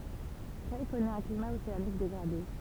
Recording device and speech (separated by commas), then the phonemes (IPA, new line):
temple vibration pickup, read sentence
kʁɛj kɔnɛt œ̃ klima oseanik deɡʁade